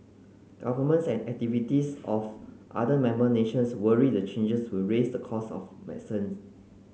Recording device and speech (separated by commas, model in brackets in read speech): mobile phone (Samsung C9), read sentence